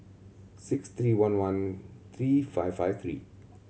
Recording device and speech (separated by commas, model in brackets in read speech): mobile phone (Samsung C7100), read sentence